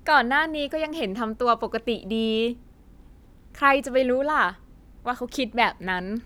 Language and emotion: Thai, happy